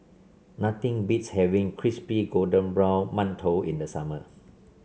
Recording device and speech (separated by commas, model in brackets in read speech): mobile phone (Samsung C7), read sentence